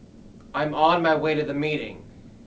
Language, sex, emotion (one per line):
English
male
neutral